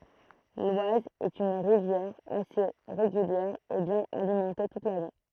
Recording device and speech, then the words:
throat microphone, read sentence
L'Oise est une rivière assez régulière et bien alimentée toute l'année.

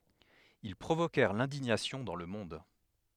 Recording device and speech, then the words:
headset microphone, read sentence
Ils provoquèrent l'indignation dans le monde.

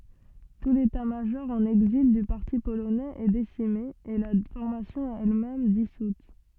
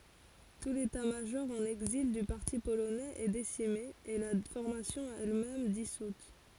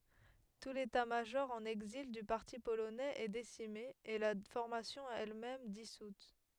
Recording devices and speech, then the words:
soft in-ear microphone, forehead accelerometer, headset microphone, read sentence
Tout l'état-major en exil du parti polonais est décimé, et la formation elle-même dissoute.

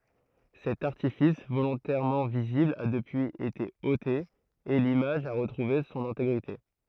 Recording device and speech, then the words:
throat microphone, read sentence
Cet artifice, volontairement visible, a depuis été ôté et l'image a retrouvé son intégrité.

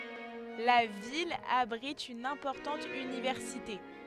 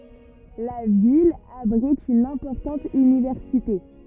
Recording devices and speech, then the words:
headset microphone, rigid in-ear microphone, read sentence
La ville abrite une importante université.

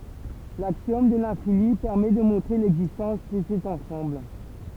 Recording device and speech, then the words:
temple vibration pickup, read sentence
L'axiome de l'infini permet de montrer l'existence de cet ensemble.

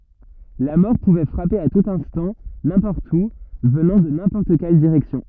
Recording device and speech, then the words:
rigid in-ear microphone, read sentence
La mort pouvait frapper à tout instant, n'importe où, venant de n'importe quelle direction.

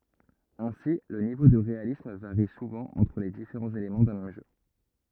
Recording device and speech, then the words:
rigid in-ear microphone, read sentence
Ainsi, le niveau de réalisme varie souvent entre les différents éléments d'un même jeu.

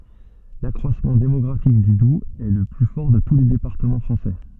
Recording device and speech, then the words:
soft in-ear microphone, read sentence
L'accroissement démographique du Doubs est le plus fort de tous les départements français.

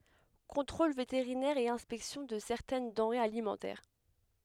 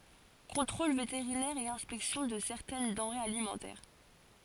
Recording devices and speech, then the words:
headset microphone, forehead accelerometer, read sentence
Contrôle vétérinaire et inspection de certaines denrées alimentaires.

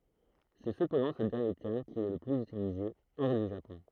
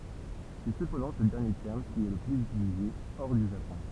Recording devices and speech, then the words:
throat microphone, temple vibration pickup, read sentence
C'est cependant ce dernier terme qui est le plus utilisé hors du Japon.

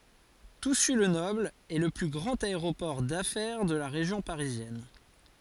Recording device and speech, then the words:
forehead accelerometer, read sentence
Toussus-le-Noble est le plus grand aéroport d'affaires de la région parisienne.

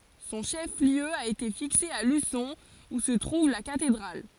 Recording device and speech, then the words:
forehead accelerometer, read sentence
Son chef-lieu a été fixé à Luçon, où se trouve la cathédrale.

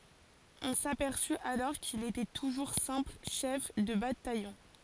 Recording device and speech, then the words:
forehead accelerometer, read sentence
On s'aperçut alors qu'il était toujours simple chef de bataillon.

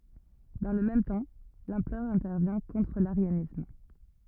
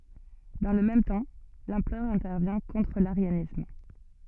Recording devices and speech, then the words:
rigid in-ear microphone, soft in-ear microphone, read sentence
Dans le même temps, l'empereur intervient contre l'arianisme.

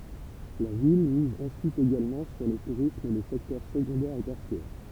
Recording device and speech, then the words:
temple vibration pickup, read sentence
La ville mise ensuite également sur le tourisme et les secteurs secondaire et tertiaire.

